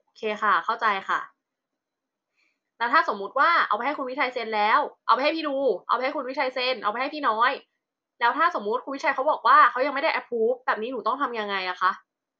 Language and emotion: Thai, frustrated